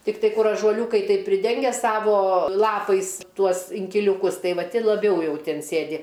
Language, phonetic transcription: Lithuanian, tikˈtai ˈkur ažuoˈliūkai taip priˈdengia ˈsavo ˈlapais ˈtuos inkiliūˈkus ˈtai ˈva ˈti laˈbiau ˈjau ˈtin ˈsėdi

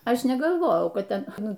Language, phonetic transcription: Lithuanian, ˈaš negalˈvojau ˈkad ˈten ˈnu

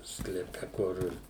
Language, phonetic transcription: Lithuanian, skleˈpe ˈkur

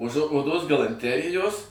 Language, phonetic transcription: Lithuanian, už o oˈdos galanˈterijos

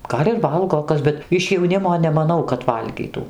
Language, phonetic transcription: Lithuanian, ˈgal' ir ˈvalgo ˈkas bet iš jauˈnimo nemaˈnau kad ˈvalgytų

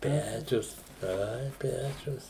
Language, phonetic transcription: Lithuanian, ˈpečius ˈai ˈpečius

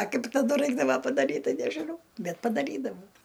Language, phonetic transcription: Lithuanian, a ˈkaip taˈdu ˈraikdava padaˈryt ˈtai nežiˈnau ˈbet padaˈrydavau

